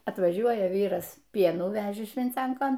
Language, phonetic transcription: Lithuanian, atvaˈžiuoja ˈvyras ˈpienų ˈvežė švinˈcenkon

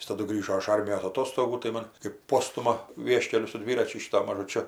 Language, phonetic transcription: Lithuanian, ˈjis taˈdu ˈgrįžo iš ˈarmijos aˈtostogų tai ˈmon kɜp ˈpostuma ˈvieškeliu su ˈdviračiu ˈšytu mažuˈčiu

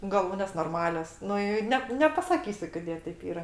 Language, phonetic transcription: Lithuanian, gaˈlūnės norˈmalios ˈnu i ˈnep nepasaˈkysiu koˈdė teip ˈyra

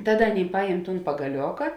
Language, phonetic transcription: Lithuanian, ˈtaˌda ˈaˌnėi ˈpajem ˈtūn pagaˈlioka

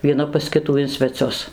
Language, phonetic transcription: Lithuanian, vieˈna pas ˈkitų in sveˈcius

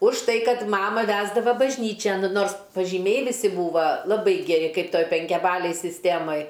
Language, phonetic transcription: Lithuanian, už ˈtai ˈkad ˈmama ˈvesdava bažˈnyčian ˈnors pažyˈmiai viˈsi ˈbūva laˈbai geˈri ˈkaip ˈtoj penkiaˈbalėj sisˈtėmaj

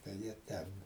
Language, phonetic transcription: Lithuanian, tai ˈjie ˈten

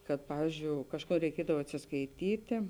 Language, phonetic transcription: Lithuanian, kad ˈpavyzdžiou ˈkažˌkų reiˈkiedav atsiskaiˈtytė

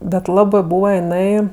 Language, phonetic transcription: Lithuanian, bet ˈlabɜ ˈbūva jiˈnai

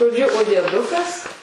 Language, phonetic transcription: Lithuanian, žoˈdžiu o dieˈdukas

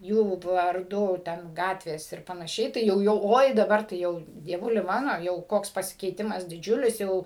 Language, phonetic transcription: Lithuanian, ˈjų varˈdu ˈten ˈgatvės ir panaˈšiai tai ˈjau jau ˈoi daˈbar tai ˈjau dieˈvuli mano jau ˈkoks pasikeiˈtimas diˈdžiulis ˈjau

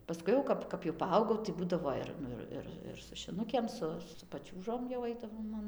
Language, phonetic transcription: Lithuanian, paˈskui jau ˈkap kap jau paˈaugau tai ˈbūdavo ir ˈnu ir ˈir ir su šiˈnukėm ˈsu su paˈčiūžom jau ˈaidavom an

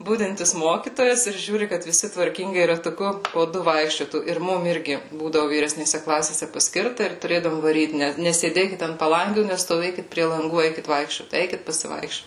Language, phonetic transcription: Lithuanian, ˈbudintis ˈmokytojas ir ˈžiūri kad viˈsi tvarˈkingai ratuˈku po ˈdu ˈvaikščiotų ir ˈmum ˈirgi ˈbūdavu vyresnėˈse ˈklasėse paˈskirta ir tuˈrėdavom vaˈryt ˈne nesėˈdėkit ant paˈlangių nestoˈvėkit prie lanˈgų ˈeikit ˈvaikščiot ˈeikit pasiˈvaikščiot

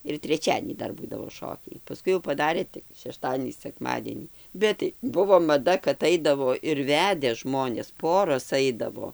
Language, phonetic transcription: Lithuanian, ir treˈčiadienį ˈdar ˈbūdavo ˈšokiai paˈskui jau paˈdarė tik šeˈštadienį sekˈmadienį ˈbet tai ˈbuvo maˈda kad ˈaidavo ir ˈvede ˈžmonės ˈporos ˈaidavo

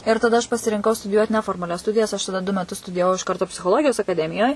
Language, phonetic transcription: Lithuanian, ir taˈda aš pasirinˈkau studiˈjuot neformaˈlias ˈstudijas aš taˈda du meˈtus studijaˈvau iš ˈkarto psichoˈlogijos akaˈdemijoj

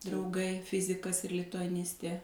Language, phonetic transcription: Lithuanian, drauˈgai ˈfizikas ir lituaˈnistė

